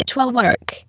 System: VC, spectral filtering